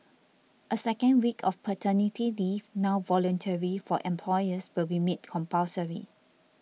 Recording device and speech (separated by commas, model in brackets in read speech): mobile phone (iPhone 6), read sentence